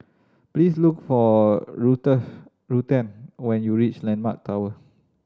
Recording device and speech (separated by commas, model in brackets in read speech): standing microphone (AKG C214), read sentence